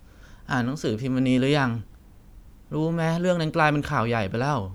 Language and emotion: Thai, frustrated